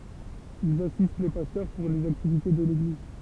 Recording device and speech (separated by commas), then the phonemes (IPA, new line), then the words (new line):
temple vibration pickup, read sentence
ilz asist le pastœʁ puʁ lez aktivite də leɡliz
Ils assistent les pasteurs pour les activités de l'Église.